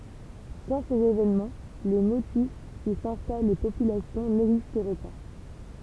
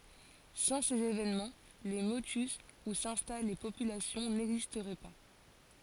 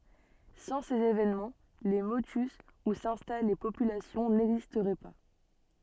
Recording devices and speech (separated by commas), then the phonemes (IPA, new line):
temple vibration pickup, forehead accelerometer, soft in-ear microphone, read sentence
sɑ̃ sez evenmɑ̃ le motys u sɛ̃stal le popylasjɔ̃ nɛɡzistʁɛ pa